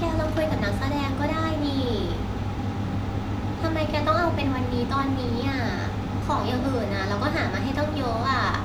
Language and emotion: Thai, frustrated